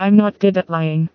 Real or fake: fake